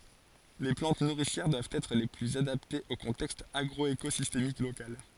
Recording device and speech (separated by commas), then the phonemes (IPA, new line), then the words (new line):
forehead accelerometer, read sentence
le plɑ̃t nuʁisjɛʁ dwavt ɛtʁ le plyz adaptez o kɔ̃tɛkst aɡʁɔekozistemik lokal
Les plantes nourricières doivent être les plus adaptées au contexte agroécosystémique local.